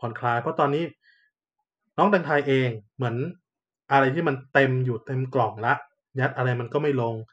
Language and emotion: Thai, neutral